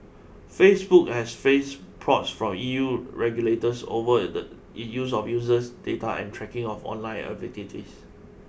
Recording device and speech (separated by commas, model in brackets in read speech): boundary microphone (BM630), read sentence